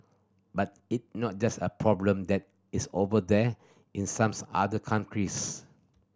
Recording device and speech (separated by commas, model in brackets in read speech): standing microphone (AKG C214), read sentence